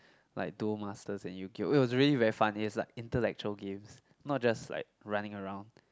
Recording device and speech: close-talking microphone, conversation in the same room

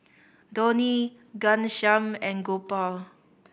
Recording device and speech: boundary microphone (BM630), read sentence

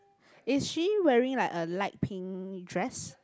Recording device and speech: close-talking microphone, conversation in the same room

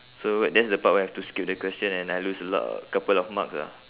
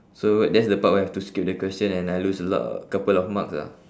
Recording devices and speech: telephone, standing microphone, conversation in separate rooms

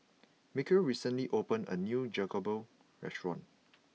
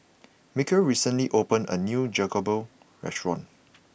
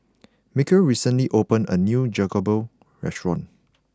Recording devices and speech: mobile phone (iPhone 6), boundary microphone (BM630), close-talking microphone (WH20), read sentence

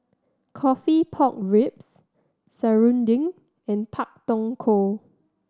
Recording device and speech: standing microphone (AKG C214), read sentence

